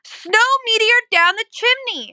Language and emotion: English, neutral